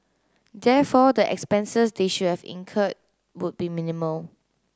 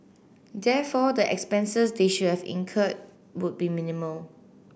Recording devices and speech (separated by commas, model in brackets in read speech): close-talking microphone (WH30), boundary microphone (BM630), read sentence